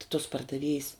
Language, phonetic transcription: Lithuanian, ti tos pardaˈviejs

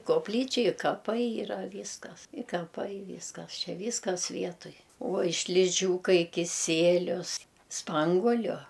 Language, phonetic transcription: Lithuanian, kopˈlyčia i kaˈpai yˈra ˈvyskas i kaˈpai ˈvyskas ˈčia ˈvyskas ˈvietuj uoj šliˈžiūkai kiˈsielius ˈspanguoliu

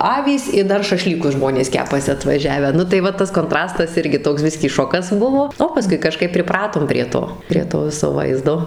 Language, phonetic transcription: Lithuanian, ˈavys i ˈdar šaˈšlykus ˈžmonės ˈkepasi atvaˈžiavę ˈnu tai ˈva ˈtas konˈtrastas ˈirgi ˈtoks ˈbiskį ˈšokas ˈbuvo o paˈskui kaˈžkaip priˈpratom prie ˈto prie ˈto ˈviso ˈvaizdo

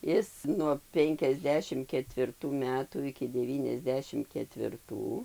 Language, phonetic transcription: Lithuanian, ˈis nuo ˌpenkiasˈdešim ketvirˈtų ˈmetų iki deˌvyniasˈdešim ketvirˈtų

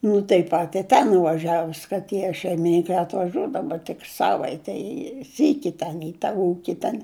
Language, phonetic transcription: Lithuanian, nu taip ˈpat i ˈten nuvaˈžiavus ka ˈtie šeimiˈninkai atvaˈžiuodavu tik ˈsavaitei i ˈsyki ˈten i ta ˈūki ten

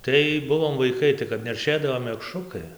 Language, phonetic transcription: Lithuanian, ˈtai ˈbuvom vaiˈkai tai kap nerˈšėdavo mekˈšrukai

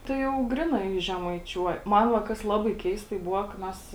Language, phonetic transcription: Lithuanian, ˈtai jau ˈgrinai žemaiˈčiuoj ˈman va ˈkas ˈlabai ˈkeistai ˈbuva ka ˈmes

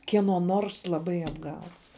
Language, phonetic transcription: Lithuanian, kieˈno ˈnors laˈbai apˈgauts

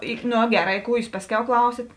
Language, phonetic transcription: Lithuanian, ˈi ˈno ˈgeˌrā i ˈkų ˈjūs ˈpasˌkiau ˈklausit

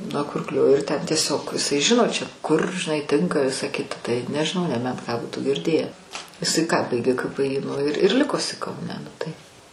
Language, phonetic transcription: Lithuanian, nuo ˈkurklio ir ˈten tieˈsiog iˈsai ˈžino čia kur žiˈnai ˈtinka ˈvisa ˈkita tai nežiˈnau neˈbent ką ˈbūtų girˈdėję iˈsai ką ˈbaigė ka pɘ y nu ir ir ˈliko iˈsai kauˈne nu tai

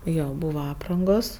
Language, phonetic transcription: Lithuanian, ˈjo ˈbūva ˈaprangos

